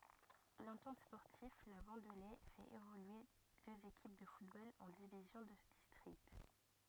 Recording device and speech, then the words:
rigid in-ear microphone, read sentence
L'Entente sportive La Vendelée fait évoluer deux équipes de football en divisions de district.

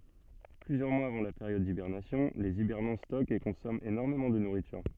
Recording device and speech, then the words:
soft in-ear microphone, read sentence
Plusieurs mois avant la période d’hibernation, les hibernants stockent et consomment énormément de nourriture.

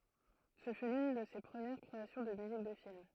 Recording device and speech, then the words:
throat microphone, read sentence
Ce fut l'une de ses premieres créations de musique de film.

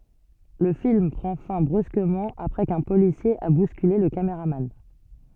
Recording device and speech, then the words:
soft in-ear microphone, read sentence
Le film prend fin brusquement après qu'un policier a bousculé le cameraman.

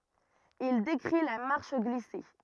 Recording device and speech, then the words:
rigid in-ear microphone, read sentence
Il décrit la marche glissée.

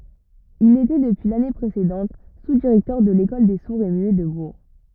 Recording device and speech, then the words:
rigid in-ear microphone, read sentence
Il était depuis l'année précédente sous-directeur de l'école des sourds et muets de Bourg.

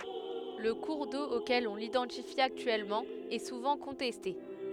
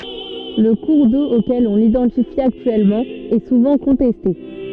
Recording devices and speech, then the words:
headset microphone, soft in-ear microphone, read sentence
Le cours d'eau auquel on l'identifie actuellement est souvent contesté.

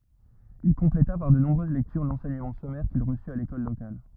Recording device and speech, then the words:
rigid in-ear microphone, read sentence
Il compléta par de nombreuses lectures l'enseignement sommaire qu'il reçut à l'école locale.

